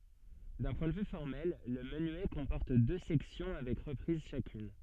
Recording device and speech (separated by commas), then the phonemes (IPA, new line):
soft in-ear microphone, read sentence
dœ̃ pwɛ̃ də vy fɔʁmɛl lə mənyɛ kɔ̃pɔʁt dø sɛksjɔ̃ avɛk ʁəpʁiz ʃakyn